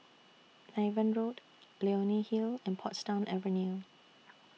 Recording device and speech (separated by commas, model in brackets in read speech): mobile phone (iPhone 6), read sentence